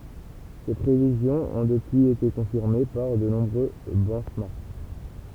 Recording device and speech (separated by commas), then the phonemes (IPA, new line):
temple vibration pickup, read sentence
se pʁevizjɔ̃z ɔ̃ dəpyiz ete kɔ̃fiʁme paʁ də nɔ̃bʁø bɛnʃmɑʁk